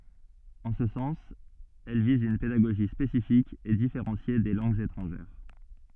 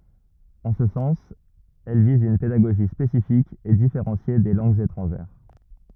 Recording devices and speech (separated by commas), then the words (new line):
soft in-ear microphone, rigid in-ear microphone, read sentence
En ce sens, elle vise une pédagogie spécifique et différenciée des langues étrangères.